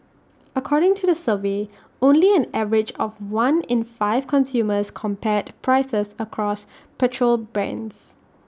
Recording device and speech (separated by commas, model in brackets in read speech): standing microphone (AKG C214), read sentence